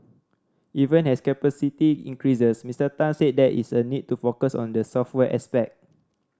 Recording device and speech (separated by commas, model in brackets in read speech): standing microphone (AKG C214), read sentence